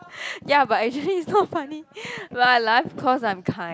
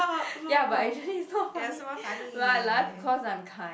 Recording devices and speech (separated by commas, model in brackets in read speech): close-talking microphone, boundary microphone, conversation in the same room